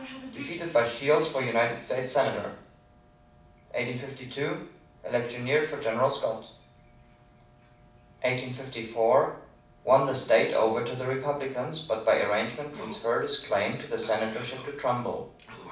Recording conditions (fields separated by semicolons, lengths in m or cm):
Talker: one person; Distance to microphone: 5.8 m; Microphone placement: far; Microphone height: 1.8 m; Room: medium-sized (5.7 m by 4.0 m); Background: television